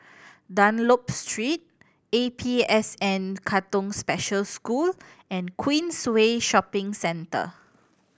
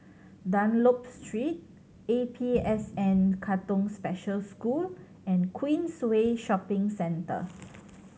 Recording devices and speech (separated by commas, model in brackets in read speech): boundary microphone (BM630), mobile phone (Samsung C7100), read sentence